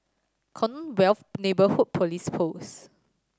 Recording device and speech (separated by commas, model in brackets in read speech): standing microphone (AKG C214), read sentence